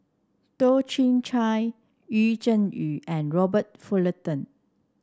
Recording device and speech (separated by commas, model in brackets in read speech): standing microphone (AKG C214), read sentence